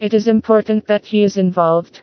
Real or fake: fake